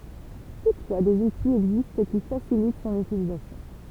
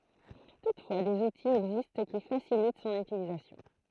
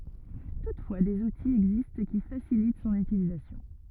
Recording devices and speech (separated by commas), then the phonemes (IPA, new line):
temple vibration pickup, throat microphone, rigid in-ear microphone, read sentence
tutfwa dez utiz ɛɡzist ki fasilit sɔ̃n ytilizasjɔ̃